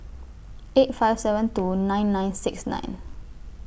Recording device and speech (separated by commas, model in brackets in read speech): boundary microphone (BM630), read sentence